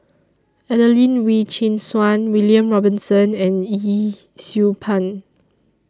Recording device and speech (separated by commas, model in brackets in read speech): standing microphone (AKG C214), read sentence